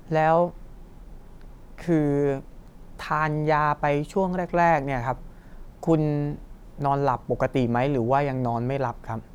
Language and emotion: Thai, neutral